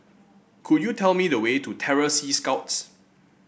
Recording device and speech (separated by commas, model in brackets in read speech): boundary microphone (BM630), read sentence